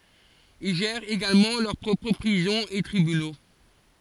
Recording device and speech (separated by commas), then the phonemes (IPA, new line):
forehead accelerometer, read sentence
il ʒɛʁt eɡalmɑ̃ lœʁ pʁɔpʁ pʁizɔ̃z e tʁibyno